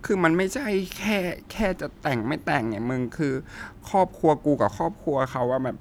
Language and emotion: Thai, frustrated